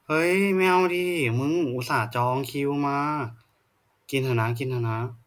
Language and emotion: Thai, frustrated